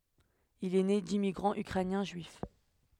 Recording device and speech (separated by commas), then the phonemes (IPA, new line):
headset microphone, read sentence
il ɛ ne dimmiɡʁɑ̃z ykʁɛnjɛ̃ ʒyif